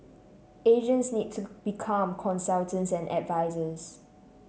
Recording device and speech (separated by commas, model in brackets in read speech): mobile phone (Samsung C7), read sentence